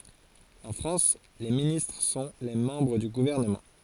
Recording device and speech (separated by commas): forehead accelerometer, read sentence